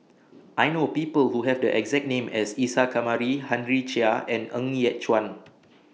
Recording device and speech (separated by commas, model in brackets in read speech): mobile phone (iPhone 6), read sentence